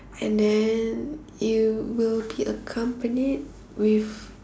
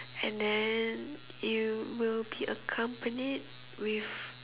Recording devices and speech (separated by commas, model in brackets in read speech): standing microphone, telephone, conversation in separate rooms